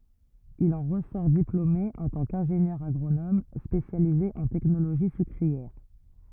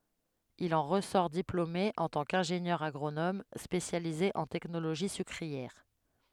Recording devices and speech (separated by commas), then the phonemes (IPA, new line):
rigid in-ear microphone, headset microphone, read sentence
il ɑ̃ ʁəsɔʁ diplome ɑ̃ tɑ̃ kɛ̃ʒenjœʁ aɡʁonom spesjalize ɑ̃ tɛknoloʒi sykʁiɛʁ